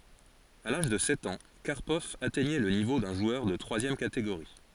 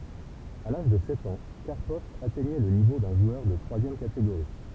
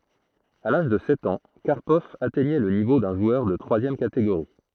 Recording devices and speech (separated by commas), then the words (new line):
forehead accelerometer, temple vibration pickup, throat microphone, read sentence
À l'âge de sept ans, Karpov atteignait le niveau d'un joueur de troisième catégorie.